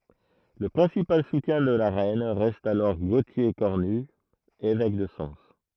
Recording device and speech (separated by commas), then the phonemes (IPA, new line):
throat microphone, read sentence
lə pʁɛ̃sipal sutjɛ̃ də la ʁɛn ʁɛst alɔʁ ɡotje kɔʁny evɛk də sɑ̃s